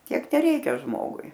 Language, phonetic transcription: Lithuanian, ˈtiek teˈreikia ˈžmogui

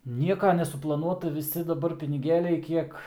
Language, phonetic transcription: Lithuanian, ˈnieka nesuplaˈnuota viˈsi daˈbar piniˈgėliai ˈkiek

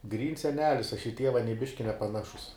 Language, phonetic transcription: Lithuanian, ˈgryns seˈnelis ˈaš i ˈtieva nie ˈbiški nepaˈnašus

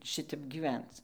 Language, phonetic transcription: Lithuanian, ˈšitep giˈvenc

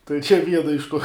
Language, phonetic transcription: Lithuanian, tai čia ˈviena iš tuo

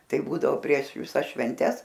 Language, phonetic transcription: Lithuanian, ˈtai ˈbūdavo prieš viˈsas švenˈtes

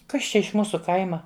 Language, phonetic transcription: Lithuanian, ˈkas čia iš ˈmūsu ˈkaima

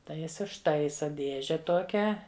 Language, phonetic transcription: Lithuanian, tai ˈjis užˈtaisa ˈdėže ˈtokią

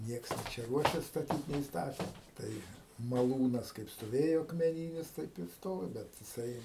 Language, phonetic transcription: Lithuanian, ˈnieks nė ˈčia ˈruošias staˈtyt nei ˈstate ˈtai maˈlūnas kaip stoˈvėjo akmeˈnynis taip ir ˈstovi ˈbet jiˈsai

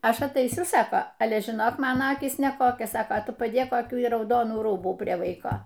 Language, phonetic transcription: Lithuanian, ˈaš ataiˈsiu ˈsako ˈale žiˈnok ˈmano ˈakys neˈkokios ˈsako ˈtu paˈdėk koˈkių i rauˈdonų ˈrūbų ˈprie ˈvaiko

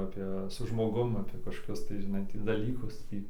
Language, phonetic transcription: Lithuanian, ˈapė su žmoˈgum ˈapė kažkoˈkius tai žiˈnai ˈtį daˈlykus ˈtį

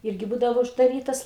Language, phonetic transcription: Lithuanian, ˈirgi ˈbūdavo uždaˈrytas

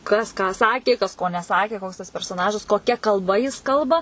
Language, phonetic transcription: Lithuanian, ˈkas ką ˈsakė kas ˈko neˈsakė ˈkoks tas persoˈnažas koˈkia kalˈba jis ˈkalba

